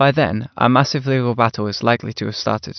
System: none